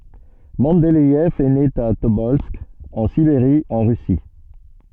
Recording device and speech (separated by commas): soft in-ear microphone, read sentence